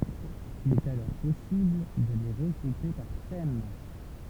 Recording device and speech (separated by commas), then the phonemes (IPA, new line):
temple vibration pickup, read sentence
il ɛt alɔʁ pɔsibl də le ʁəɡʁupe paʁ tɛm